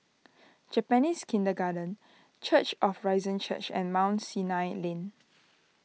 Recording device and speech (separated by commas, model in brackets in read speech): mobile phone (iPhone 6), read sentence